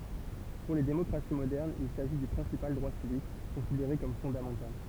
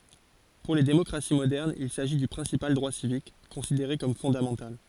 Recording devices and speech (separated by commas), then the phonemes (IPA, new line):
temple vibration pickup, forehead accelerometer, read sentence
puʁ le demɔkʁasi modɛʁnz il saʒi dy pʁɛ̃sipal dʁwa sivik kɔ̃sideʁe kɔm fɔ̃damɑ̃tal